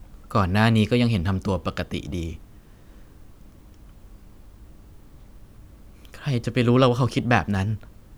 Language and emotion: Thai, sad